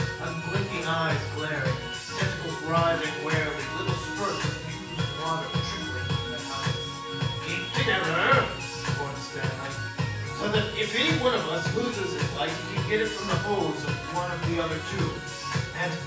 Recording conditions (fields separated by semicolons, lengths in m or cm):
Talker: one person; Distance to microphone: 9.8 m; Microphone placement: far; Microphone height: 1.8 m; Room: large; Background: music